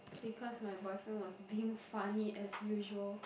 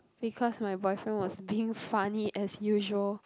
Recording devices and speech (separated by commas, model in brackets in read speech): boundary microphone, close-talking microphone, conversation in the same room